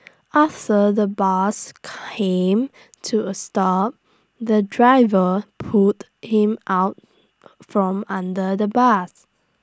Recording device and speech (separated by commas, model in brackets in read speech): standing microphone (AKG C214), read sentence